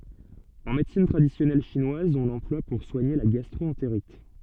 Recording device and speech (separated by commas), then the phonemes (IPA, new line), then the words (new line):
soft in-ear microphone, read sentence
ɑ̃ medəsin tʁadisjɔnɛl ʃinwaz ɔ̃ lɑ̃plwa puʁ swaɲe la ɡastʁoɑ̃teʁit
En médecine traditionnelle chinoise, on l'emploie pour soigner la gastro-entérite.